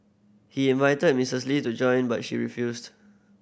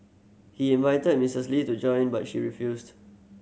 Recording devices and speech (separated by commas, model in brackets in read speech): boundary microphone (BM630), mobile phone (Samsung C7100), read sentence